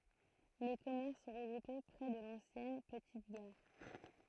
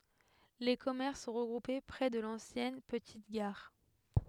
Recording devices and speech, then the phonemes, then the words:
throat microphone, headset microphone, read sentence
le kɔmɛʁs sɔ̃ ʁəɡʁupe pʁɛ də lɑ̃sjɛn pətit ɡaʁ
Les commerces sont regroupés près de l'ancienne petite gare.

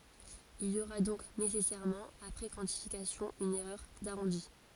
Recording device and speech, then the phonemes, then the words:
forehead accelerometer, read sentence
il i oʁa dɔ̃k nesɛsɛʁmɑ̃ apʁɛ kwɑ̃tifikasjɔ̃ yn ɛʁœʁ daʁɔ̃di
Il y aura donc nécessairement, après quantification, une erreur d'arrondi.

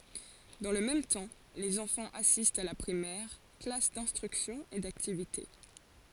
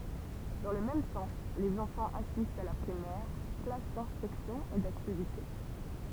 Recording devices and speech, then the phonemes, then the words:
forehead accelerometer, temple vibration pickup, read sentence
dɑ̃ lə mɛm tɑ̃ lez ɑ̃fɑ̃z asistt a la pʁimɛʁ klas dɛ̃stʁyksjɔ̃ e daktivite
Dans le même temps, les enfants assistent à la Primaire, classes d'instruction et d'activités.

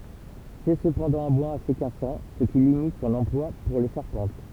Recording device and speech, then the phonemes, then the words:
temple vibration pickup, read sentence
sɛ səpɑ̃dɑ̃ œ̃ bwaz ase kasɑ̃ sə ki limit sɔ̃n ɑ̃plwa puʁ le ʃaʁpɑ̃t
C'est cependant un bois assez cassant, ce qui limite son emploi pour les charpentes.

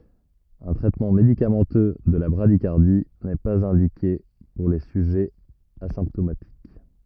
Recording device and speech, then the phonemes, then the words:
rigid in-ear microphone, read sentence
œ̃ tʁɛtmɑ̃ medikamɑ̃tø də la bʁadikaʁdi nɛ paz ɛ̃dike puʁ le syʒɛz azɛ̃ptomatik
Un traitement médicamenteux de la bradycardie n'est pas indiqué pour les sujets asymptomatiques.

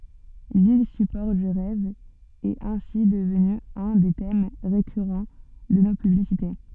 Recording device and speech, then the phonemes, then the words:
soft in-ear microphone, read sentence
lil sypɔʁ dy ʁɛv ɛt ɛ̃si dəvny œ̃ de tɛm ʁekyʁɑ̃ də no pyblisite
L'île support du rêve est ainsi devenue un des thèmes récurrent de nos publicités.

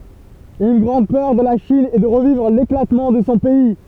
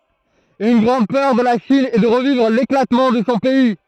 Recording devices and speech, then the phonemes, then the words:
temple vibration pickup, throat microphone, read sentence
yn ɡʁɑ̃d pœʁ də la ʃin ɛ də ʁəvivʁ leklatmɑ̃ də sɔ̃ pɛi
Une grande peur de la Chine est de revivre l'éclatement de son pays.

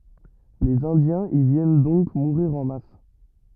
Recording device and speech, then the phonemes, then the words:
rigid in-ear microphone, read sentence
lez ɛ̃djɛ̃z i vjɛn dɔ̃k muʁiʁ ɑ̃ mas
Les Indiens y viennent donc mourir en masse.

